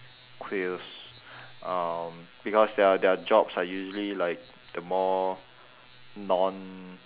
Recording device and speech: telephone, conversation in separate rooms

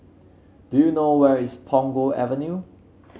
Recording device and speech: mobile phone (Samsung C7), read sentence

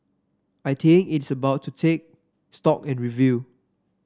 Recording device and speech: standing microphone (AKG C214), read sentence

